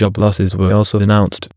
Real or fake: fake